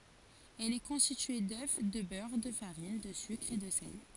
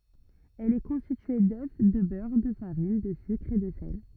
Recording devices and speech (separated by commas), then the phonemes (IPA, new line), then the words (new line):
forehead accelerometer, rigid in-ear microphone, read sentence
ɛl ɛ kɔ̃stitye dø də bœʁ də faʁin də sykʁ e də sɛl
Elle est constituée d'œufs, de beurre, de farine, de sucre et de sel.